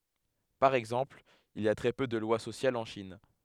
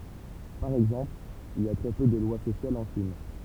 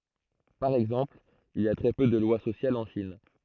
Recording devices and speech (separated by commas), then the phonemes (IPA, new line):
headset microphone, temple vibration pickup, throat microphone, read sentence
paʁ ɛɡzɑ̃pl il i a tʁɛ pø də lwa sosjalz ɑ̃ ʃin